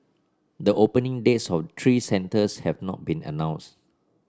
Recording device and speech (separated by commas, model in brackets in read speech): standing microphone (AKG C214), read sentence